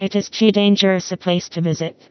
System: TTS, vocoder